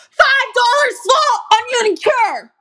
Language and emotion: English, angry